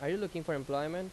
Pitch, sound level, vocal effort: 170 Hz, 88 dB SPL, loud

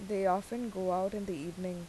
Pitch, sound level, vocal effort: 185 Hz, 83 dB SPL, normal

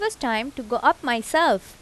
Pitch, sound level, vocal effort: 260 Hz, 86 dB SPL, normal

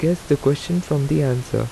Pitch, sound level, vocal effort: 145 Hz, 80 dB SPL, soft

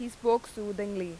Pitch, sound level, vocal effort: 210 Hz, 88 dB SPL, loud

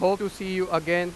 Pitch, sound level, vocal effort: 185 Hz, 99 dB SPL, very loud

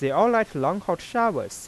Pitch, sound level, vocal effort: 200 Hz, 93 dB SPL, soft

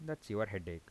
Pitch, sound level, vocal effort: 105 Hz, 81 dB SPL, soft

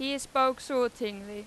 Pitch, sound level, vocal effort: 250 Hz, 95 dB SPL, very loud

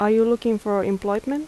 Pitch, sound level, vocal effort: 215 Hz, 82 dB SPL, soft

